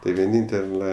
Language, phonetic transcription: Lithuanian, tai vieˈnyntela

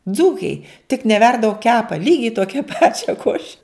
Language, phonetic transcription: Lithuanian, ˈdzūkæi tik neˈverda o ˈkepa ˈlygiai ˈtokia ˈpačia ˈkoše

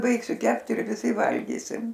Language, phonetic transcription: Lithuanian, ˈbaigsiu ˈkept ir viˈsi ˈvalgysim

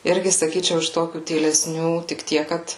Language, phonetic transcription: Lithuanian, ˈirgi saˈkyčiau iš ˈtokių tyleˈsnių tik ˈtiek ˈkad

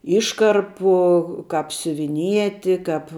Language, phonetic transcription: Lithuanian, ˈiškarpu ˈkap siuviˈnieti ˈkap

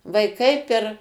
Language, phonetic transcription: Lithuanian, vaiˈkai per

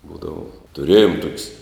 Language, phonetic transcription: Lithuanian, ˈbūdava tuˈrėjom tuok's'

